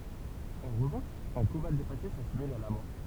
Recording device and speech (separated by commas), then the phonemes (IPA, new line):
temple vibration pickup, read sentence
ɑ̃ ʁəvɑ̃ʃ œ̃ koma depase sasimil a la mɔʁ